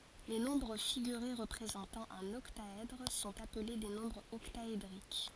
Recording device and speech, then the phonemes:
forehead accelerometer, read sentence
le nɔ̃bʁ fiɡyʁe ʁəpʁezɑ̃tɑ̃ œ̃n ɔktaɛdʁ sɔ̃t aple de nɔ̃bʁz ɔktaedʁik

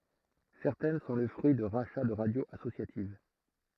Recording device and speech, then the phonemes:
throat microphone, read sentence
sɛʁtɛn sɔ̃ lə fʁyi də ʁaʃa də ʁadjoz asosjativ

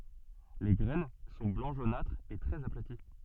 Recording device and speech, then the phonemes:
soft in-ear microphone, read sentence
le ɡʁɛn sɔ̃ blɑ̃ ʒonatʁ e tʁɛz aplati

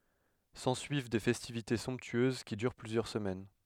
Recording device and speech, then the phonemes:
headset microphone, read sentence
sɑ̃syiv de fɛstivite sɔ̃ptyøz ki dyʁ plyzjœʁ səmɛn

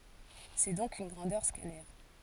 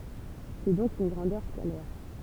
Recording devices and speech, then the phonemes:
forehead accelerometer, temple vibration pickup, read sentence
sɛ dɔ̃k yn ɡʁɑ̃dœʁ skalɛʁ

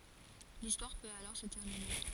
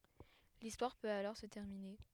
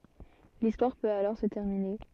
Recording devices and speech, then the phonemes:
forehead accelerometer, headset microphone, soft in-ear microphone, read sentence
listwaʁ pøt alɔʁ sə tɛʁmine

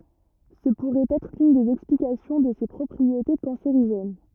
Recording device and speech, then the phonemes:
rigid in-ear microphone, read sentence
sə puʁɛt ɛtʁ lyn dez ɛksplikasjɔ̃ də se pʁɔpʁiete kɑ̃seʁiʒɛn

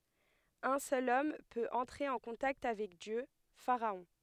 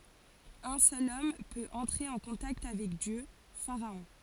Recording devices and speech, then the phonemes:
headset microphone, forehead accelerometer, read sentence
œ̃ sœl ɔm pøt ɑ̃tʁe ɑ̃ kɔ̃takt avɛk djø faʁaɔ̃

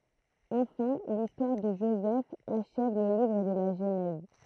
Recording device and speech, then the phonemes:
throat microphone, read sentence
ɑ̃fɛ̃ listwaʁ də ʒozɛf aʃɛv lə livʁ də la ʒənɛz

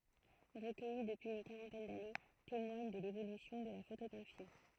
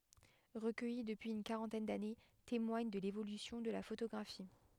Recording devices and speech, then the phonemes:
throat microphone, headset microphone, read sentence
ʁəkœji dəpyiz yn kaʁɑ̃tɛn dane temwaɲ də levolysjɔ̃ də la fotoɡʁafi

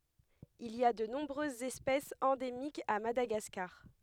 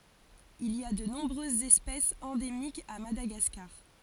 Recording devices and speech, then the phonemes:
headset microphone, forehead accelerometer, read sentence
il i a də nɔ̃bʁøzz ɛspɛsz ɑ̃demikz a madaɡaskaʁ

